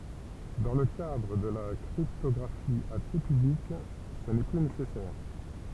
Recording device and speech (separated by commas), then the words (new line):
temple vibration pickup, read sentence
Dans le cadre de la cryptographie à clef publique, ce n'est plus nécessaire.